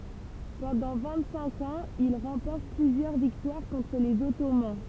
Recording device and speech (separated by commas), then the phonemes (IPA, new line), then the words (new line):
temple vibration pickup, read sentence
pɑ̃dɑ̃ vɛ̃t sɛ̃k ɑ̃z il ʁɑ̃pɔʁt plyzjœʁ viktwaʁ kɔ̃tʁ lez ɔtoman
Pendant vingt-cinq ans, il remporte plusieurs victoires contre les Ottomans.